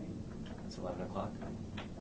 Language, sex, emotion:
English
male
neutral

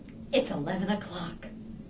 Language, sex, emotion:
English
female
neutral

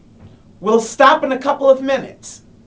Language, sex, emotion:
English
male
angry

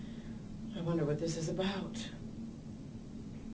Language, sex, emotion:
English
female
fearful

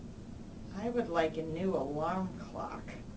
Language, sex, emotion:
English
female
disgusted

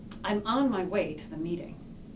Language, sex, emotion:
English
female
disgusted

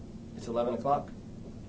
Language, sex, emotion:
English
male
neutral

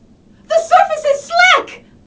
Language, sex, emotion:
English
female
fearful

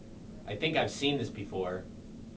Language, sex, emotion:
English
male
neutral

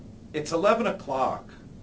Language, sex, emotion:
English
male
disgusted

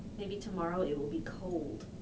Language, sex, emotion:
English
female
neutral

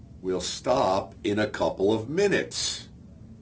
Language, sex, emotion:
English
male
angry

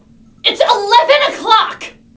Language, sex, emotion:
English
female
angry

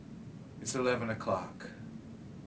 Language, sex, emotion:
English
male
neutral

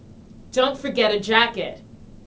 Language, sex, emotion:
English
female
angry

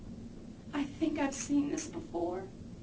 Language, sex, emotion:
English
female
fearful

